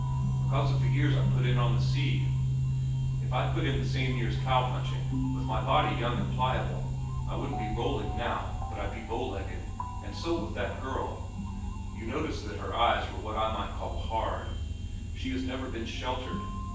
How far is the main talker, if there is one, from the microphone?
9.8 m.